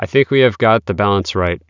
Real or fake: real